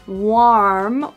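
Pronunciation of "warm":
This is an incorrect pronunciation of 'worm'.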